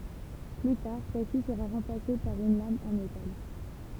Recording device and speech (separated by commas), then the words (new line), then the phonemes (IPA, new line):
temple vibration pickup, read sentence
Plus tard, celle-ci sera remplacée par une lame en métal.
ply taʁ sɛlsi səʁa ʁɑ̃plase paʁ yn lam ɑ̃ metal